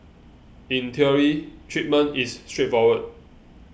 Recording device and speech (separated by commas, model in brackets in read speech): boundary microphone (BM630), read sentence